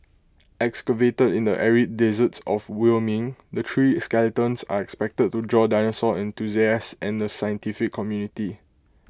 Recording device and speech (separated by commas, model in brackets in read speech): close-talking microphone (WH20), read sentence